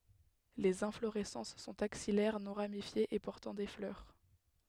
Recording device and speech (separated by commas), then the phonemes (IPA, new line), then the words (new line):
headset microphone, read sentence
lez ɛ̃floʁɛsɑ̃s sɔ̃t aksijɛʁ nɔ̃ ʁamifjez e pɔʁtɑ̃ de flœʁ
Les inflorescences sont axillaires, non ramifiées et portant des fleurs.